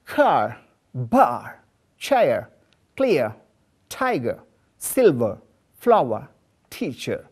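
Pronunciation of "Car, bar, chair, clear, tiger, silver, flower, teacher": In 'car, bar, chair, clear, tiger, silver, flower, teacher', the r at the end of each word is not pronounced.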